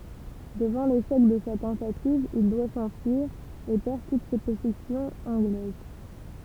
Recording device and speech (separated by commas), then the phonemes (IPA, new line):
temple vibration pickup, read sentence
dəvɑ̃ leʃɛk də sa tɑ̃tativ il dwa sɑ̃fyiʁ e pɛʁ tut se pɔsɛsjɔ̃z ɑ̃ɡlɛz